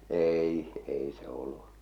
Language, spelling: Finnish, ei ei se ollut
- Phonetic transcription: 'eei , 'ei se ollu .

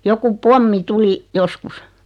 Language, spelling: Finnish, joku pommi tuli joskus
- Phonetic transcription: joku "pommi 'tuli , "joskus .

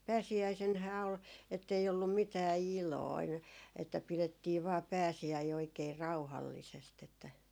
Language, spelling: Finnish, pääsiäisenähän oli että ei ollut mitään iloinen että pidettiin vain pääsiäinen oikein rauhallisesti että
- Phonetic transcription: 'pääsiäisenhää ol , ettei ollum 'mitää "iloin , että 'pilettii vaa 'pääsi₍äi oikee 'rauhallisest ‿että ,.

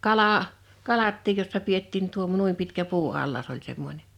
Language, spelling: Finnish, kala kalatkin jossa pidettiin - noin pitkä puuallas oli semmoinen
- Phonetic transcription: 'kala , 'kalattiij jossa 'piettiin tuom- 'nuim pitkä 'puu₍allas oĺ semmońe .

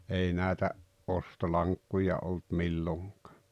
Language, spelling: Finnish, ei näitä ostolankkuja oli milloinkaan
- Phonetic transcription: 'ei 'näetä , "’ostolaŋkkuja ’olt ’milloŋk̀ᴀᴀ .

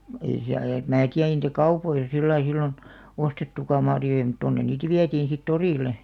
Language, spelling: Finnish, ei - ja en minä tiedä ei niitä kaupoissa sillä lailla silloin ostettukaan marjoja mutta tuonne niitä vietiin sitten torille
- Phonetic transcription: 'ei siäl- ja em 'mää tiä ei 'nìtä "kaupoisa 'sillai 'sillon , 'ostettuka marjojᵃ mᵘt 'tonnen̆ niit "viätiin̬ sit "torìle .

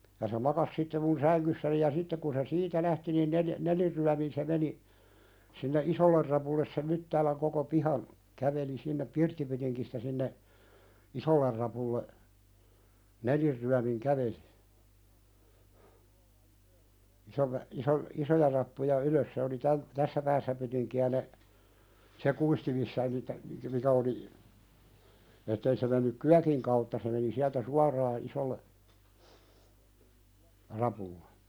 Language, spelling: Finnish, ja se makasi sitten minun sängyssäni ja sitten kun se siitä lähti niin neljä nelinryömin se meni sinne isolle rapulle sen Myttäälän koko pihan käveli sinne pirttipytingistä sinne isolle rapulle nelinryömin käveli isolle iso isoja rappuja ylös se oli - tässä päässä pytinkiä ne se kuisti missä niitä mikä oli että ei se mennyt kyökin kautta se meni sieltä suoraan isolle rapulle
- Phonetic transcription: ja se 'makas sitte mun "säŋkyssäni ja 'sittek kun se "siitä lähti nin "neljᵃ̈- , "nelirryämin se meni , sinne "’isoller rapulles sem 'Myttääläŋ koko 'pihan , 'käveli sinnep 'pirttipytiŋkistä sinne , "isoller rapulle , "nelirryämiŋ 'kävelɪ , 'isolle , 'iso , "isoja rappuja 'ylös se oli täm- , "tässä päässä pytiŋki₍ä ne , 'se kuisti missä (niitä) , mikä oli , ettei se mennyk "kyäkiŋ kautta se meni 'siältä "suaraa 'isolle , rapulle .

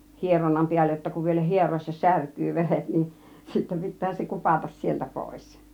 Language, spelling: Finnish, hieronnan päälle jotta kun vielä hieroessa särkyy veret niin sitten pitää se kupata sieltä pois
- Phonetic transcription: 'hieronnam "piällej jotta kuv vielä 'hier̀òes̆sa "särkkyy 'veret nin , sittä 'pit̆tää se "kupatas 'sieltä 'pòis .

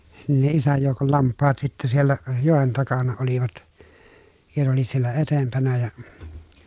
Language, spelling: Finnish, niin ne isän joukon lampaat sitten siellä joen takana olivat ja ne oli siellä edempänä ja -
- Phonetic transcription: nin ne isäj jòukol lamppaat sittä siellä , jòen takana olivat , ja ne oli siellä etempänä ja , nis- .

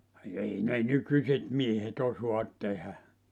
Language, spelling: Finnish, ei ne nykyiset miehet osaa tehdä
- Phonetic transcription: 'ei ne "nykyśet 'miehet 'osoat tehä .

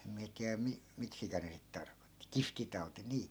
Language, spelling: Finnish, en minä tiedä - miksikä ne sitten tarkoitti kihtitauti niin
- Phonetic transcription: em miä 'tiä 'mi- , 'miksikä ne 'sit tarkotti , "kiftitau̬ti 'nii .

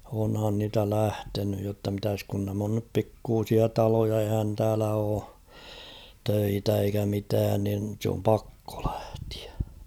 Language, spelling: Finnish, onhan niitä lähtenyt jotta mitäs kun nämä on nyt pikkuisia taloja eihän täällä ole töitä eikä mitään niin se on pakko lähteä
- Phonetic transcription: onhan niitä 'lähtenyj jotta mitäs kun näm ‿on nyp 'pikkuusia "taloja ehän täälä oo , 'töitä eikä mitään nin̳ sᵉ ‿om 'pakko ʟᴀ̈htɪᴀ̈ .

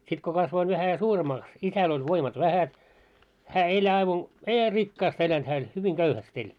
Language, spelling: Finnish, sitten kun kasvoin vähän suuremmaksi isällä oli voimat vähät hän ei aivan ei hän rikkaasti elänyt hän eli hyvin köyhästi eli
- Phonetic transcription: sit ko 'kasvoin vähä 'suuremaaks , 'isäl ‿oĺ 'voimat "vähät , hä "eĺ aivan , 'ei hää "rikkaast ‿elänt hää eĺ 'hyviŋ "ɢöuhäst ‿eĺ .

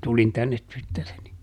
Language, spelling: Finnish, tulin tänne tyttäreni
- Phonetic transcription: ˈtulin ˈtännet ˈtyttäreni ,.

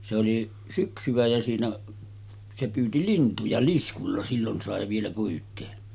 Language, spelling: Finnish, se oli syksyä ja siinä se pyysi lintuja liskulla silloin sai vielä pyytää
- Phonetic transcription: se oli 'syksyᵛä jä siinä , se 'pyyti "lintuja 'liskulla sillon sàe vielä 'pyyt̆tee .

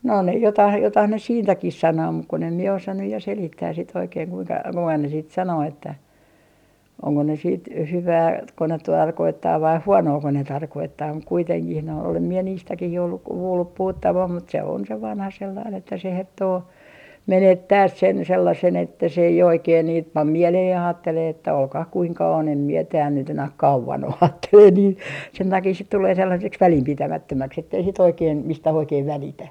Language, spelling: Finnish, no ne jotakin jotakin ne siitäkin sanoo mutta kun en minä osaa nyt ja selittää sitten oikein kuinka kuinka ne sitten sanoo että onko ne sitten - hyvääkö ne tarkoittaa vai huonoako ne tarkoittaa mutta kuitenkin noin olen minä niistäkin jo ollut kuullut puhuttavan mutta se on se vanha sellainen että se herttoo menettää sen sellaisen että se ei oikein niitä pane mieleen ja ajattelee että olkoon kuinka on en minä täällä nyt enää kauan ole ajattelee niin sen takia sitten tulee sellaiseksi välinpitämättömäksi että ei sitten oikein mistään oikein välitä
- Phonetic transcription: no ne jotah 'jotah ne "siintäkih 'sanoo muk kun ‿em mie 'osa nyj ja 'selittääs sit oikeeŋ kuiŋka , 'kuiŋka ne siit 'sanoo että , oŋko ne siit 'hyvää - -tko ne 'tarkoittaa vai "huonooko ne 'tarkoittaa muk 'kuiteŋkih noi olem mie 'niistäkih jo olluk , 'kuullup 'puhuttavam mut se on se 'vanha sellain että se 'herttoo , "menettääs 'sen sellasen että se ei 'oikeen niit 'pam "mieleheh ja aattelee että » 'olkah 'kuiŋka on em mie tääl nyt ‿enäh "kauvan ‿o » 'aattelee niin sen takii sit 'tulee 'sellaseks "välimpitämättömäks ettei sit oikeem 'mistäh oikeen 'välitä .

